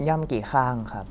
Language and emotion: Thai, neutral